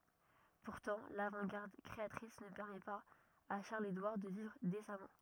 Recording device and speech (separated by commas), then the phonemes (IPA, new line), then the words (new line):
rigid in-ear microphone, read sentence
puʁtɑ̃ lavɑ̃tɡaʁd kʁeatʁis nə pɛʁmɛ paz a ʃaʁləzedwaʁ də vivʁ desamɑ̃
Pourtant l'avant-garde créatrice ne permet pas à Charles-Édouard de vivre décemment.